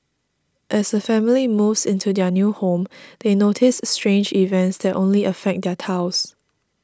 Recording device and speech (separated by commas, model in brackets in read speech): standing microphone (AKG C214), read sentence